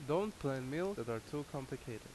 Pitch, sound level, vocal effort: 140 Hz, 84 dB SPL, loud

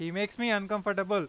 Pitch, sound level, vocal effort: 205 Hz, 97 dB SPL, loud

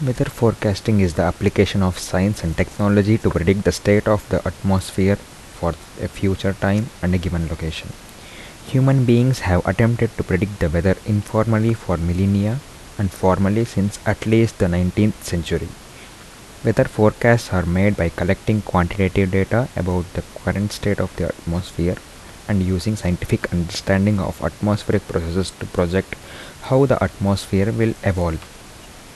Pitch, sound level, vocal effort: 100 Hz, 75 dB SPL, soft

